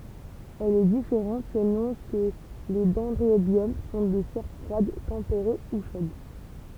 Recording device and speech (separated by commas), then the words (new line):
temple vibration pickup, read sentence
Elle est différente selon que les dendrobium sont de serre froide, tempérée ou chaude.